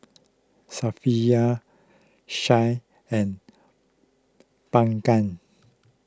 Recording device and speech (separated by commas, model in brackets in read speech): close-talking microphone (WH20), read sentence